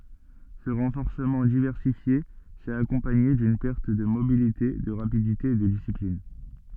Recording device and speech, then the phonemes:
soft in-ear microphone, read sentence
sə ʁɑ̃fɔʁsəmɑ̃ divɛʁsifje sɛt akɔ̃paɲe dyn pɛʁt də mobilite də ʁapidite e də disiplin

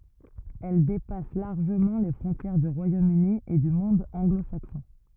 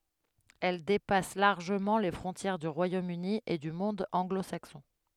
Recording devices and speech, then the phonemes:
rigid in-ear microphone, headset microphone, read sentence
ɛl depas laʁʒəmɑ̃ le fʁɔ̃tjɛʁ dy ʁwajom yni e dy mɔ̃d ɑ̃ɡlo saksɔ̃

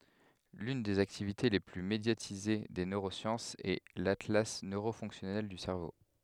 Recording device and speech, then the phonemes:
headset microphone, read sentence
lyn dez aktivite le ply medjatize de nøʁosjɑ̃sz ɛ latla nøʁo fɔ̃ksjɔnɛl dy sɛʁvo

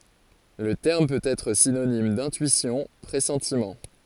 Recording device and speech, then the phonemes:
forehead accelerometer, read sentence
lə tɛʁm pøt ɛtʁ sinonim dɛ̃tyisjɔ̃ pʁɛsɑ̃timɑ̃

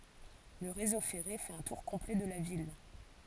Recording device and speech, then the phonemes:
forehead accelerometer, read sentence
lə ʁezo fɛʁe fɛt œ̃ tuʁ kɔ̃plɛ də la vil

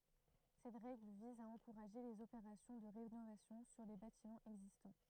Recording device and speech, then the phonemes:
throat microphone, read sentence
sɛt ʁɛɡl viz a ɑ̃kuʁaʒe lez opeʁasjɔ̃ də ʁenovasjɔ̃ syʁ le batimɑ̃z ɛɡzistɑ̃

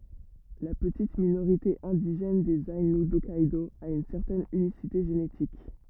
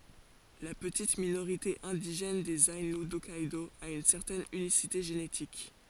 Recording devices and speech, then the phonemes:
rigid in-ear microphone, forehead accelerometer, read sentence
la pətit minoʁite ɛ̃diʒɛn dez ainu dɔkkɛdo a yn sɛʁtɛn ynisite ʒenetik

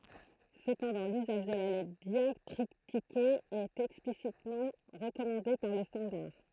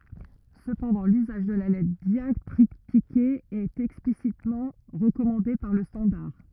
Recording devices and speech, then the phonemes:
throat microphone, rigid in-ear microphone, read sentence
səpɑ̃dɑ̃ lyzaʒ də la lɛtʁ djaktʁitike ɛt ɛksplisitmɑ̃ ʁəkɔmɑ̃de paʁ lə stɑ̃daʁ

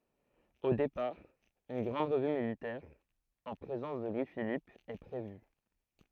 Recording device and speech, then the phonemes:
throat microphone, read sentence
o depaʁ yn ɡʁɑ̃d ʁəvy militɛʁ ɑ̃ pʁezɑ̃s də lwi filip ɛ pʁevy

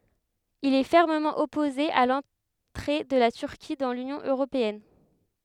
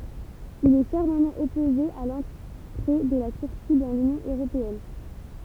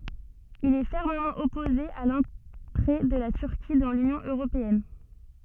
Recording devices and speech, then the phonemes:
headset microphone, temple vibration pickup, soft in-ear microphone, read sentence
il ɛ fɛʁməmɑ̃ ɔpoze a lɑ̃tʁe də la tyʁki dɑ̃ lynjɔ̃ øʁopeɛn

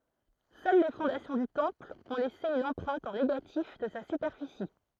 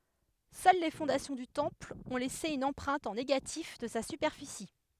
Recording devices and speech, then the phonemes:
throat microphone, headset microphone, read sentence
sœl le fɔ̃dasjɔ̃ dy tɑ̃pl ɔ̃ lɛse yn ɑ̃pʁɛ̃t ɑ̃ neɡatif də sa sypɛʁfisi

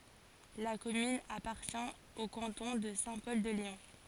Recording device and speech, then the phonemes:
forehead accelerometer, read sentence
la kɔmyn apaʁtjɛ̃ o kɑ̃tɔ̃ də sɛ̃ pɔl də leɔ̃

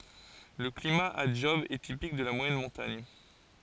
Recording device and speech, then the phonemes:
forehead accelerometer, read sentence
lə klima a dʒɔb ɛ tipik də la mwajɛn mɔ̃taɲ

